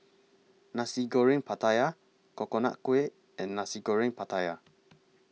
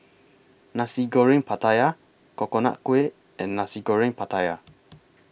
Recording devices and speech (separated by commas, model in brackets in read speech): mobile phone (iPhone 6), boundary microphone (BM630), read sentence